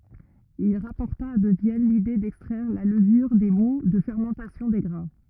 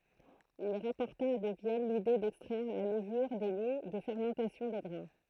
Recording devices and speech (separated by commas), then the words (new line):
rigid in-ear microphone, throat microphone, read sentence
Il rapporta de Vienne l'idée d'extraire la levure des moûts de fermentation des grains.